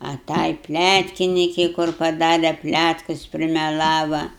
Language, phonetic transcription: Lithuanian, a ˈtai ˈplætkinikei kur paˈdare ˈplætkus primeˈlava

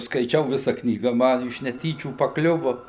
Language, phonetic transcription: Lithuanian, skaiˈčiau ˈvisa ˈknyga ˈma iš neˈtyčių paˈkliuvu

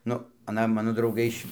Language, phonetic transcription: Lithuanian, ˈnu aˈna ˈmano drauˈgai iš

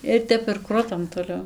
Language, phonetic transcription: Lithuanian, ir ˈtep ir ˈkrutam toˈliau

